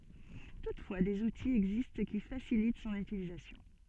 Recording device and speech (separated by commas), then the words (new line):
soft in-ear microphone, read sentence
Toutefois des outils existent qui facilitent son utilisation.